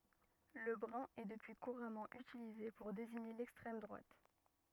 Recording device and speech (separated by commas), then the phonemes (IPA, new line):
rigid in-ear microphone, read sentence
lə bʁœ̃ ɛ dəpyi kuʁamɑ̃ ytilize puʁ deziɲe lɛkstʁɛm dʁwat